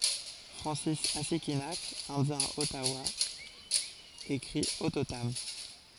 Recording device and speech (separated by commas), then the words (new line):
forehead accelerometer, read sentence
Francis Assikinak, indien Ottawa écrit Ottotam.